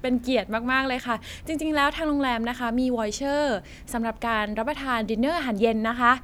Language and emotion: Thai, happy